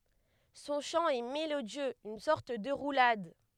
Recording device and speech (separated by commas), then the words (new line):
headset microphone, read sentence
Son chant est mélodieux, une sorte de roulade.